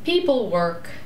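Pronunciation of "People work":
'People work' is said with two stresses, and the voice inflects down.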